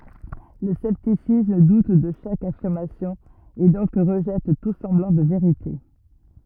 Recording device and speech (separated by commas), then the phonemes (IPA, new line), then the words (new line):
rigid in-ear microphone, read sentence
lə sɛptisism dut də ʃak afiʁmasjɔ̃ e dɔ̃k ʁəʒɛt tu sɑ̃blɑ̃ də veʁite
Le scepticisme doute de chaque affirmation, et donc rejette tout semblant de “vérité”.